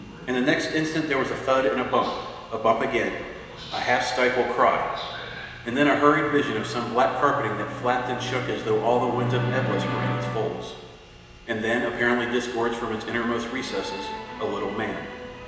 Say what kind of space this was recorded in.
A large and very echoey room.